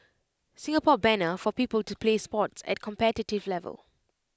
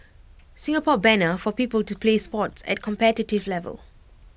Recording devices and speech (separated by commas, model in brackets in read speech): close-talking microphone (WH20), boundary microphone (BM630), read sentence